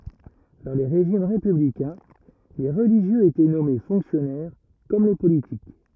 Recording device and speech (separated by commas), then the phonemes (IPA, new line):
rigid in-ear microphone, read sentence
dɑ̃ le ʁeʒim ʁepyblikɛ̃ le ʁəliʒjøz etɛ nɔme fɔ̃ksjɔnɛʁ kɔm le politik